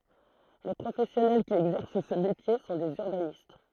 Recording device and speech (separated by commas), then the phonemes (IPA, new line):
throat microphone, read sentence
le pʁofɛsjɔnɛl ki ɛɡzɛʁs sə metje sɔ̃ dez yʁbanist